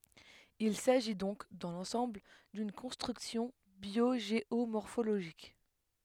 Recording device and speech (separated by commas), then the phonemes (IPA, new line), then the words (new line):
headset microphone, read sentence
il saʒi dɔ̃k dɑ̃ lɑ̃sɑ̃bl dyn kɔ̃stʁyksjɔ̃ bjoʒeomɔʁfoloʒik
Il s'agit donc, dans l'ensemble, d'une construction biogéomorphologique.